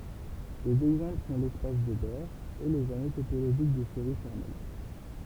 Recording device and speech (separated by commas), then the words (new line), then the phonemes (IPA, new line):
temple vibration pickup, read sentence
Des exemples sont l'espace de Baire et les anneaux topologiques de séries formelles.
dez ɛɡzɑ̃pl sɔ̃ lɛspas də bɛʁ e lez ano topoloʒik də seʁi fɔʁmɛl